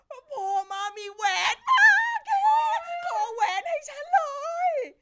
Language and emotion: Thai, happy